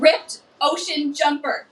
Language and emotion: English, fearful